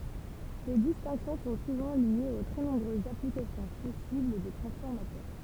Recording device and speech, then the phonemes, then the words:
temple vibration pickup, read sentence
se distɛ̃ksjɔ̃ sɔ̃ suvɑ̃ ljez o tʁɛ nɔ̃bʁøzz aplikasjɔ̃ pɔsibl de tʁɑ̃sfɔʁmatœʁ
Ces distinctions sont souvent liées aux très nombreuses applications possibles des transformateurs.

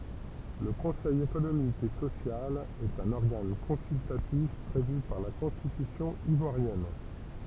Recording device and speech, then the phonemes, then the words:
temple vibration pickup, read sentence
lə kɔ̃sɛj ekonomik e sosjal ɛt œ̃n ɔʁɡan kɔ̃syltatif pʁevy paʁ la kɔ̃stitysjɔ̃ ivwaʁjɛn
Le conseil économique et social est un organe consultatif prévu par la Constitution ivoirienne.

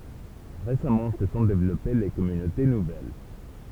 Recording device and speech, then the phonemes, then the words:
temple vibration pickup, read sentence
ʁesamɑ̃ sə sɔ̃ devlɔpe le kɔmynote nuvɛl
Récemment, se sont développées les communautés nouvelles.

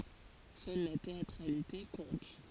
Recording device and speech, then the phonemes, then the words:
forehead accelerometer, read sentence
sœl la teatʁalite kɔ̃t
Seule la théâtralité compte.

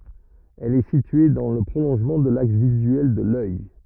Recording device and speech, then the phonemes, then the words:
rigid in-ear microphone, read sentence
ɛl ɛ sitye dɑ̃ lə pʁolɔ̃ʒmɑ̃ də laks vizyɛl də lœj
Elle est située dans le prolongement de l'axe visuel de l'œil.

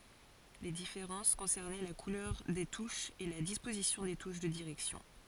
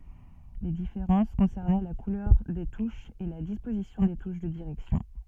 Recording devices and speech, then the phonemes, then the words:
forehead accelerometer, soft in-ear microphone, read sentence
le difeʁɑ̃s kɔ̃sɛʁnɛ la kulœʁ de tuʃz e la dispozisjɔ̃ de tuʃ də diʁɛksjɔ̃
Les différences concernaient la couleur des touches et la disposition des touches de direction.

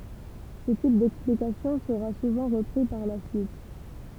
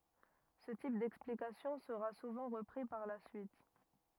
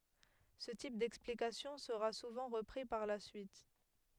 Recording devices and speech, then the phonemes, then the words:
temple vibration pickup, rigid in-ear microphone, headset microphone, read sentence
sə tip dɛksplikasjɔ̃ səʁa suvɑ̃ ʁəpʁi paʁ la syit
Ce type d'explication sera souvent repris par la suite.

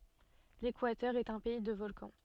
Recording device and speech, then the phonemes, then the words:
soft in-ear microphone, read sentence
lekwatœʁ ɛt œ̃ pɛi də vɔlkɑ̃
L'Équateur est un pays de volcans.

